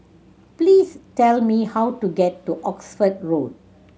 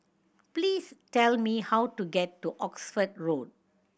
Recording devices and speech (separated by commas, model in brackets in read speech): mobile phone (Samsung C7100), boundary microphone (BM630), read sentence